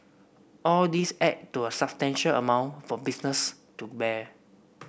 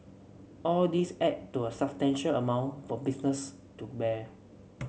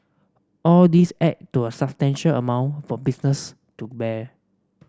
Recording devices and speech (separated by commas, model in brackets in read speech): boundary microphone (BM630), mobile phone (Samsung C7), standing microphone (AKG C214), read sentence